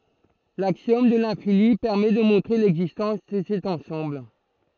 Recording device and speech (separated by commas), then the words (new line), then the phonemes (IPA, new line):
throat microphone, read sentence
L'axiome de l'infini permet de montrer l'existence de cet ensemble.
laksjɔm də lɛ̃fini pɛʁmɛ də mɔ̃tʁe lɛɡzistɑ̃s də sɛt ɑ̃sɑ̃bl